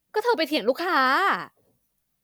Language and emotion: Thai, frustrated